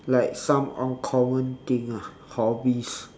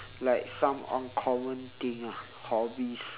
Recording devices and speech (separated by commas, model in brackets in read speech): standing microphone, telephone, conversation in separate rooms